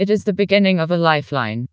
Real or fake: fake